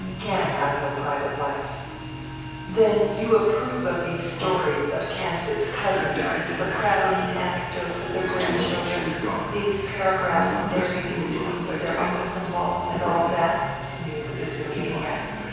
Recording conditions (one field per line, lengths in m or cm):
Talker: one person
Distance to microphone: 7.1 m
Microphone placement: far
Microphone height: 1.7 m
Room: very reverberant, large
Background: television